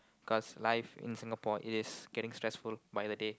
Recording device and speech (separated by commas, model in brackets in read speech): close-talking microphone, conversation in the same room